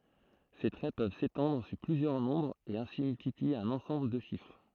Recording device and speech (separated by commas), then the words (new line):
throat microphone, read sentence
Ces traits peuvent s'étendre sur plusieurs nombres et ainsi multiplier un ensemble de chiffres.